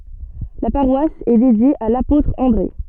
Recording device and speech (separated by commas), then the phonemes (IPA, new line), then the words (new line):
soft in-ear microphone, read sentence
la paʁwas ɛ dedje a lapotʁ ɑ̃dʁe
La paroisse est dédiée à l'apôtre André.